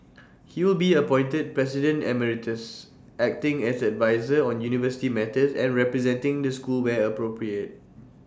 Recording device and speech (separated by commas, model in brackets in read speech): standing microphone (AKG C214), read sentence